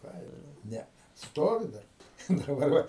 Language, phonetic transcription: Lithuanian, ˈką ir ˈne ˈstovi ˈdar daˈbar ˈva

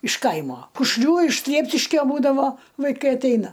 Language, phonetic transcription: Lithuanian, iš ˈkaimo kušˈlių iš ˈsliepšiškio ˈbūdavo vaiˈkai atˈeina

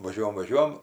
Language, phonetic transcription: Lithuanian, vaˈžiuojam vaˈžiuojam

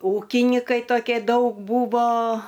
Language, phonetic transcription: Lithuanian, ˈūkinykai toˈkė ˈdaug ˈbūvo

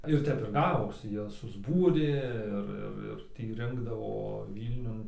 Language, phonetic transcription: Lithuanian, ir ˈtep ir ˈgavosi ˈjos susˈbūrė ˈir ˈir ir ˈtį ˈrinkdavo ˈvylniun

